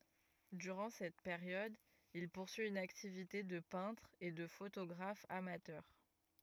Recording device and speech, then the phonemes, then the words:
rigid in-ear microphone, read sentence
dyʁɑ̃ sɛt peʁjɔd il puʁsyi yn aktivite də pɛ̃tʁ e də fotoɡʁaf amatœʁ
Durant cette période, il poursuit une activité de peintre et de photographe amateur.

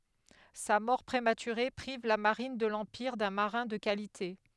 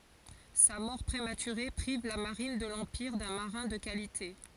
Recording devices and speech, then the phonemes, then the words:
headset microphone, forehead accelerometer, read sentence
sa mɔʁ pʁematyʁe pʁiv la maʁin də lɑ̃piʁ dœ̃ maʁɛ̃ də kalite
Sa mort prématurée prive la marine de l’Empire d'un marin de qualité.

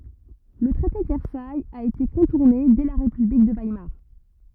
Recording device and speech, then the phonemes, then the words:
rigid in-ear microphone, read sentence
lə tʁɛte də vɛʁsajz a ete kɔ̃tuʁne dɛ la ʁepyblik də vajmaʁ
Le traité de Versailles a été contourné dès la république de Weimar.

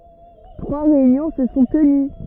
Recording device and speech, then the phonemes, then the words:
rigid in-ear microphone, read sentence
tʁwa ʁeynjɔ̃ sə sɔ̃ təny
Trois réunions se sont tenues.

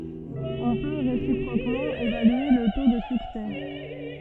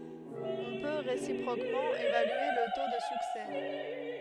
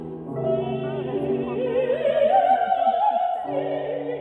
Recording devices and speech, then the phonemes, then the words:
soft in-ear microphone, headset microphone, rigid in-ear microphone, read sentence
ɔ̃ pø ʁesipʁokmɑ̃ evalye lə to də syksɛ
On peut, réciproquement, évaluer le taux de succès.

